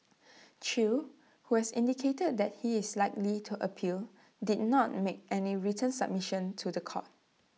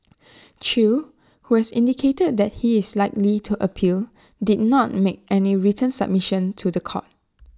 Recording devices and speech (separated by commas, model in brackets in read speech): mobile phone (iPhone 6), standing microphone (AKG C214), read sentence